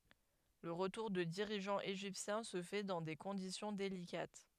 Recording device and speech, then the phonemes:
headset microphone, read sentence
lə ʁətuʁ də diʁiʒɑ̃z eʒiptjɛ̃ sə fɛ dɑ̃ de kɔ̃disjɔ̃ delikat

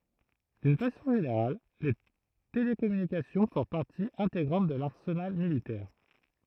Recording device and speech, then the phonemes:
throat microphone, read sentence
dyn fasɔ̃ ʒeneʁal le telekɔmynikasjɔ̃ fɔ̃ paʁti ɛ̃teɡʁɑ̃t də laʁsənal militɛʁ

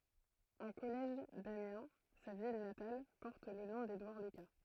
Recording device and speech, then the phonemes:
throat microphone, read sentence
œ̃ kɔlɛʒ damjɛ̃ sa vil natal pɔʁt lə nɔ̃ dedwaʁ lyka

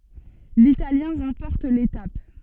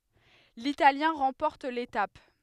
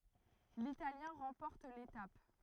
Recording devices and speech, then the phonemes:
soft in-ear microphone, headset microphone, throat microphone, read sentence
litaljɛ̃ ʁɑ̃pɔʁt letap

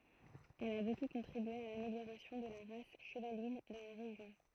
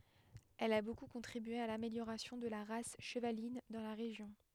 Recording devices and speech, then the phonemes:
throat microphone, headset microphone, read sentence
ɛl a boku kɔ̃tʁibye a lameljoʁasjɔ̃ də la ʁas ʃəvalin dɑ̃ la ʁeʒjɔ̃

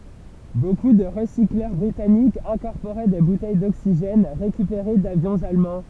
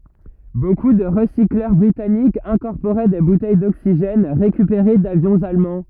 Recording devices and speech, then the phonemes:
temple vibration pickup, rigid in-ear microphone, read sentence
boku də ʁəsiklœʁ bʁitanikz ɛ̃kɔʁpoʁɛ de butɛj doksiʒɛn ʁekypeʁe davjɔ̃z almɑ̃

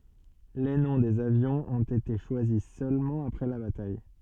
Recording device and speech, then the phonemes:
soft in-ear microphone, read sentence
le nɔ̃ dez avjɔ̃z ɔ̃t ete ʃwazi sølmɑ̃ apʁɛ la bataj

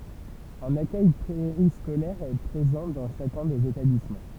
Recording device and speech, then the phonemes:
temple vibration pickup, read sentence
œ̃n akœj peʁiskolɛʁ ɛ pʁezɑ̃ dɑ̃ ʃakœ̃ dez etablismɑ̃

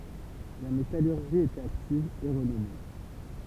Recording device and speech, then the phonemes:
temple vibration pickup, read sentence
la metalyʁʒi i etɛt aktiv e ʁənɔme

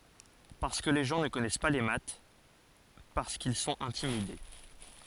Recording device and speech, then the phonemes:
forehead accelerometer, read sentence
paʁskə le ʒɑ̃ nə kɔnɛs pa le mat paʁskil sɔ̃t ɛ̃timide

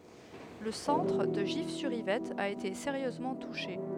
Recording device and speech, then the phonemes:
headset microphone, read sentence
lə sɑ̃tʁ də ʒifsyʁivɛt a ete seʁjøzmɑ̃ tuʃe

